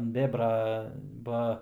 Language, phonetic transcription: Lithuanian, ant ˈbėbra ˈba

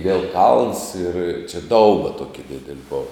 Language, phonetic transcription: Lithuanian, viel kalns ir čia ˈdauba ˈtuoki ˈdideli ˈbova

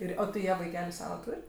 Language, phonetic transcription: Lithuanian, ˈir ˈo tai ˈjie vaiˈkeliu ˈsava ˈtūr'

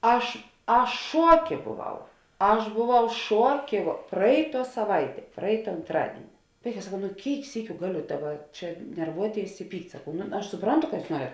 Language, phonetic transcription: Lithuanian, ˈaš ˈaš ˈšuoˌkė boˈvau ˈaš boˈvau ˈšuoˌkė vo ˈpraiˌtuo saˈvaiˌtie ˈpraita antˈradieni ˈvaiˌkā saˈkau nu ˈkėik ˈsykiu ˈgaˌliu ˈdaˌba ˈčia nerˈvuoˌtėis i ˈpykt' saˈkau nu aš suˈprantu ka ˈjūs ˈnuoret

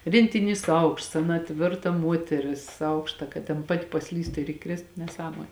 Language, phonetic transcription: Lithuanian, rėntiˈnys ˈaukšts ˈaˌna ˈtvirta ˈmuoteris ˈaukšta kad ten ˈpati paˈslystu ir iˈkrėstu neˈsąmon'

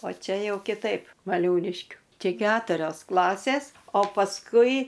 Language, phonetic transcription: Lithuanian, o ˈčia ˈjau kiˈtaip vaˈliūliškiu ˈčia ˈketurios ˈklasės o pasˈkui

